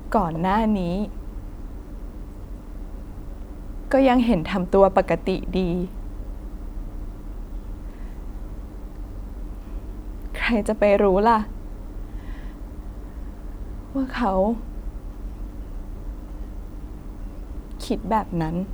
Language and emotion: Thai, sad